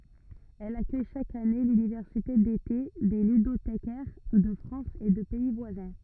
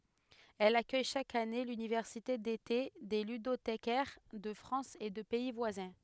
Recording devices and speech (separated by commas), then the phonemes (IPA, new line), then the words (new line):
rigid in-ear microphone, headset microphone, read sentence
ɛl akœj ʃak ane lynivɛʁsite dete de lydotekɛʁ də fʁɑ̃s e də pɛi vwazɛ̃
Elle accueille chaque année l'université d'été des ludothécaires de France et de pays voisins.